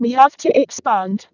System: VC, vocoder